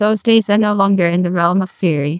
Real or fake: fake